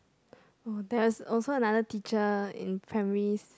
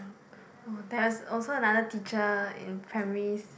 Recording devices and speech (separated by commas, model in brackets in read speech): close-talking microphone, boundary microphone, conversation in the same room